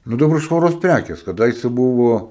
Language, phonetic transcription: Lithuanian, ˈnu daˈbar švaˈros ˈprækės kaˈdaise ˈbuvo

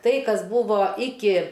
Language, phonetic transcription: Lithuanian, ˈtai ˈkas ˈbūvo ˈiki

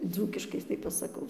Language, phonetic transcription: Lithuanian, ˈdzūkiškai tai pasaˈkau

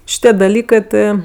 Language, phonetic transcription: Lithuanian, šiˈtie daˈlykɜ ˈtɜ

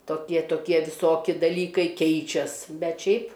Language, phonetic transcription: Lithuanian, toˈkie toˈkie viˈsoki daˈlykai ˈkeičias ˈbet ˈšiaip

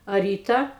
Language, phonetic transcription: Lithuanian, a ˈryta

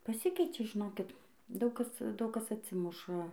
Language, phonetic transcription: Lithuanian, paˈsikeičia žiˈnokit ˈdaug ˈkas ˈdaug ˈkas atˈsimuša

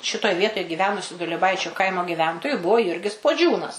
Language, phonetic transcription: Lithuanian, ˈšitoj ˈvietoj giˈvenusiu dulieˈbaičiu ˈkaimo giˈventoju ˈbuvo ˈjurgis puoˈdžiūnas

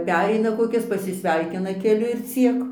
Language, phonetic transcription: Lithuanian, ˈpereina koˈkis pasisˈveikina keˈliu ir ˈciek

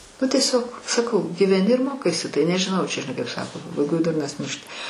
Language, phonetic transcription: Lithuanian, ˈnu tieˈsiog saˈkau gyveˈni ir ˈmokaisi ˈtai nežiˈnau čia žiˈnai kaip ˈsako pabaiˈgoj ˈdurnas ˈmiršti

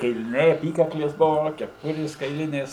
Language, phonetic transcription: Lithuanian, kailiˈniai aˈpykaklės ˈbuvo keˈpurės kaiˈlinės

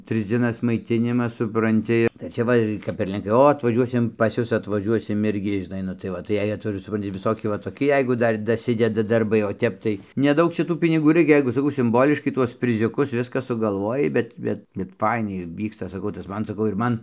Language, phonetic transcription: Lithuanian, ˈtrɨs dzieˈnas maiˈtinimas supranˈti tai ir ˈčia ˈva kap ir lenˈkai ˈo atvaˈžiuosim pas ˈjus atvaˈžiuosim ˈirgi žiˈnai nu tai ˈva tai ˈjei atvaˈžuos suˈpranti viˈsoki va toˈki ˈjeigu ˈdar daˈsideda darˈbai o ˈtep tai neˈdaug ˈčia ˈtų piniˈgų ˈraikia ˈjeigu saˈkau simˈboliškai ˈtuos priziuˈkus ˈviska sugalˈvojai ˈbet ˈbet bet ˈfainiai ˈvyksta saˈkau tas ˈman saˈkau ir ˈman

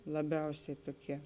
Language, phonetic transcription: Lithuanian, laˈbiausiai ˈtoˌkie

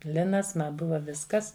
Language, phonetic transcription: Lithuanian, ˈlinas ˈma ˈbuva ˈviskas

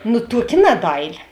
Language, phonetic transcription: Lithuanian, nu ˈtuoˌki ˈnadaiˌli

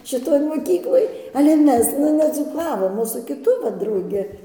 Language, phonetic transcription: Lithuanian, šiˈtoj moˈkykloj ale ˈmes nu nedzūˈkavom o su kiˈtu ˈva drauˈgi

